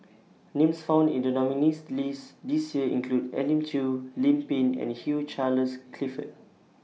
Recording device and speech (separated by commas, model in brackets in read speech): mobile phone (iPhone 6), read sentence